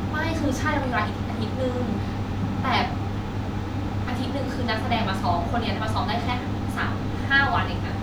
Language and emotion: Thai, frustrated